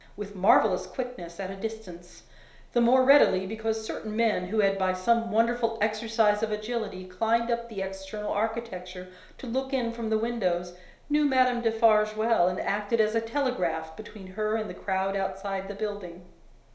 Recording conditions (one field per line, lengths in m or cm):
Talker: one person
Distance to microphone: 1.0 m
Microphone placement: close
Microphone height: 1.1 m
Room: small (3.7 m by 2.7 m)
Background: none